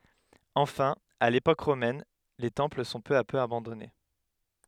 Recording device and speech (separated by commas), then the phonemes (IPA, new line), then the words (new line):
headset microphone, read sentence
ɑ̃fɛ̃ a lepok ʁomɛn le tɑ̃pl sɔ̃ pø a pø abɑ̃dɔne
Enfin, à l'époque romaine, les temples sont peu à peu abandonnés.